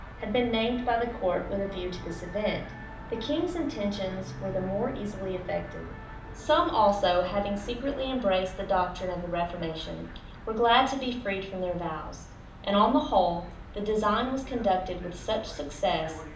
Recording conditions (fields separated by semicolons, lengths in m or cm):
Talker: one person; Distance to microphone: 2.0 m; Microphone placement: close; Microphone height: 99 cm; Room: medium-sized (5.7 m by 4.0 m); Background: television